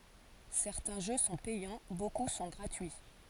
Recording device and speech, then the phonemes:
forehead accelerometer, read sentence
sɛʁtɛ̃ ʒø sɔ̃ pɛjɑ̃ boku sɔ̃ ɡʁatyi

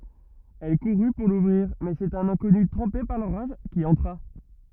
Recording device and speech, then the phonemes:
rigid in-ear microphone, read sentence
ɛl kuʁy puʁ luvʁiʁ mɛz œ̃ sɛt œ̃n ɛ̃kɔny tʁɑ̃pe paʁ loʁaʒ ki ɑ̃tʁa

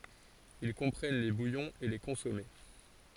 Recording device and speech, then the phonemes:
forehead accelerometer, read sentence
il kɔ̃pʁɛn le bujɔ̃z e le kɔ̃sɔme

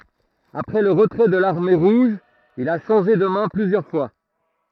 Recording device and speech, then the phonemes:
throat microphone, read sentence
apʁɛ lə ʁətʁɛ də laʁme ʁuʒ il a ʃɑ̃ʒe də mɛ̃ plyzjœʁ fwa

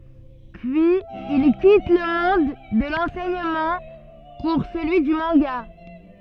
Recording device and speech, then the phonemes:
soft in-ear microphone, read sentence
pyiz il kit lə mɔ̃d də lɑ̃sɛɲəmɑ̃ puʁ səlyi dy mɑ̃ɡa

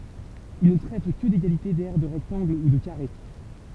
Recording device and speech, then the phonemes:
temple vibration pickup, read sentence
il nə tʁɛt kə deɡalite dɛʁ də ʁɛktɑ̃ɡl u də kaʁe

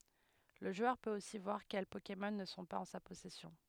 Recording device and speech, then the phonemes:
headset microphone, read sentence
lə ʒwœʁ pøt osi vwaʁ kɛl pokemɔn nə sɔ̃ paz ɑ̃ sa pɔsɛsjɔ̃

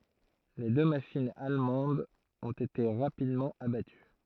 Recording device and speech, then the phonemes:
throat microphone, read sentence
le dø maʃinz almɑ̃dz ɔ̃t ete ʁapidmɑ̃ abaty

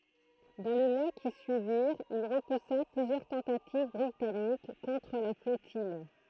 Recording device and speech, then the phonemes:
throat microphone, read sentence
dɑ̃ le mwa ki syiviʁt il ʁəpusa plyzjœʁ tɑ̃tativ bʁitanik kɔ̃tʁ la flɔtij

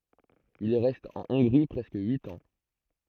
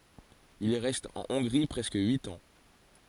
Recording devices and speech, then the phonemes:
throat microphone, forehead accelerometer, read sentence
il ʁɛst ɑ̃ ɔ̃ɡʁi pʁɛskə yit ɑ̃

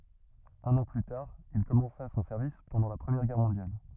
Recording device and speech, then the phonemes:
rigid in-ear microphone, read sentence
œ̃n ɑ̃ ply taʁ il kɔmɑ̃sa sɔ̃ sɛʁvis pɑ̃dɑ̃ la pʁəmjɛʁ ɡɛʁ mɔ̃djal

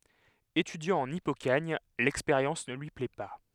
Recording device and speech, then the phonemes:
headset microphone, read sentence
etydjɑ̃ ɑ̃n ipokaɲ lɛkspeʁjɑ̃s nə lyi plɛ pa

